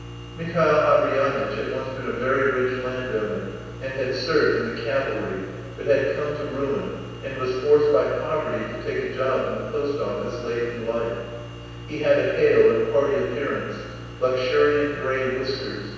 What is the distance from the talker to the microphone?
7.1 m.